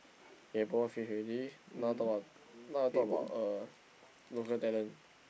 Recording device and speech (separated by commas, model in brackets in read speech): boundary microphone, conversation in the same room